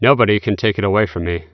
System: none